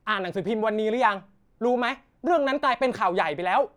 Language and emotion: Thai, angry